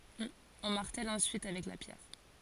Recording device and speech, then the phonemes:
forehead accelerometer, read sentence
ɔ̃ maʁtɛl ɑ̃syit avɛk la pjɛʁ

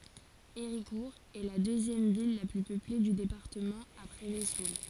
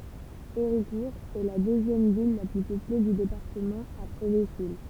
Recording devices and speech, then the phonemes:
forehead accelerometer, temple vibration pickup, read sentence
eʁikuʁ ɛ la døzjɛm vil la ply pøple dy depaʁtəmɑ̃ apʁɛ vəzul

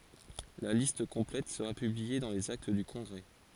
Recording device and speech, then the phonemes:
forehead accelerometer, read sentence
la list kɔ̃plɛt səʁa pyblie dɑ̃ lez akt dy kɔ̃ɡʁɛ

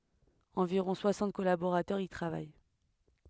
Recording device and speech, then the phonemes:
headset microphone, read sentence
ɑ̃viʁɔ̃ swasɑ̃t kɔlaboʁatœʁz i tʁavaj

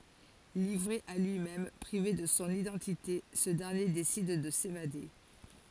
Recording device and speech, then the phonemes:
forehead accelerometer, read sentence
livʁe a lyimɛm pʁive də sɔ̃ idɑ̃tite sə dɛʁnje desid də sevade

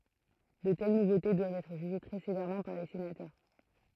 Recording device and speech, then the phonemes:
throat microphone, read sentence
də tɛl nuvote dwavt ɛtʁ ʒyʒe tʁɛ sevɛʁmɑ̃ paʁ le senatœʁ

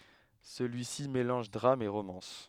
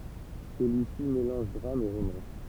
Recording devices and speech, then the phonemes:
headset microphone, temple vibration pickup, read sentence
səlyisi melɑ̃ʒ dʁam e ʁomɑ̃s

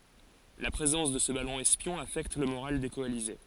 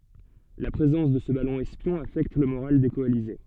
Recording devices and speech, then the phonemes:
forehead accelerometer, soft in-ear microphone, read sentence
la pʁezɑ̃s də sə balɔ̃ ɛspjɔ̃ afɛkt lə moʁal de kɔalize

